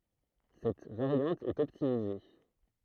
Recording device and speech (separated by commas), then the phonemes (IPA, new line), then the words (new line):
throat microphone, read sentence
sɛt vaʁjɑ̃t ɛt ɔptimize
Cette variante est optimisée.